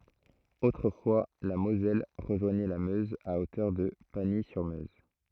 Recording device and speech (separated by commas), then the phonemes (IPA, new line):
throat microphone, read sentence
otʁəfwa la mozɛl ʁəʒwaɲɛ la møz a otœʁ də paɲi syʁ møz